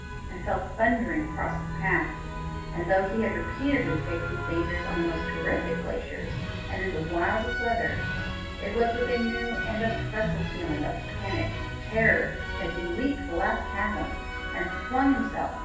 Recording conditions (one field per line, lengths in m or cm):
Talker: one person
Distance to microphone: 9.8 m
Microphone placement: far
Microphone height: 1.8 m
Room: large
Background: music